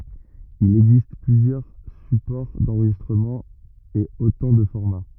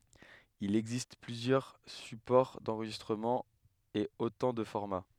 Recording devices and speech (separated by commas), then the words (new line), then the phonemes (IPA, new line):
rigid in-ear microphone, headset microphone, read sentence
Il existe plusieurs supports d'enregistrement et autant de formats.
il ɛɡzist plyzjœʁ sypɔʁ dɑ̃ʁʒistʁəmɑ̃ e otɑ̃ də fɔʁma